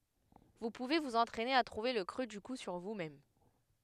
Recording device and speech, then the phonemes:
headset microphone, read sentence
vu puve vuz ɑ̃tʁɛne a tʁuve lə kʁø dy ku syʁ vusmɛm

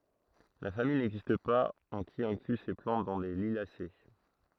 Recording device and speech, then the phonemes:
throat microphone, read sentence
la famij nɛɡzist paz ɑ̃ ki ɛ̃kly se plɑ̃t dɑ̃ le liljase

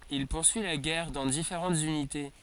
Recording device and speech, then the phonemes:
forehead accelerometer, read sentence
il puʁsyi la ɡɛʁ dɑ̃ difeʁɑ̃tz ynite

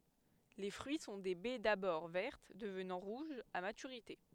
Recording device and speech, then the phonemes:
headset microphone, read sentence
le fʁyi sɔ̃ de bɛ dabɔʁ vɛʁt dəvnɑ̃ ʁuʒz a matyʁite

